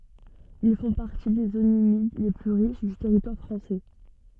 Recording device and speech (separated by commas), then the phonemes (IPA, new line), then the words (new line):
soft in-ear microphone, read sentence
il fɔ̃ paʁti de zonz ymid le ply ʁiʃ dy tɛʁitwaʁ fʁɑ̃sɛ
Ils font partie des zones humides les plus riches du territoire français.